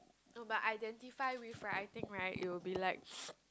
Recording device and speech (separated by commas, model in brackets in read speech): close-talking microphone, conversation in the same room